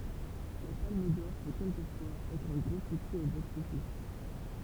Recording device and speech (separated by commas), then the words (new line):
temple vibration pickup, read sentence
La Palme d'or peut quelquefois être un gros succès au box-office.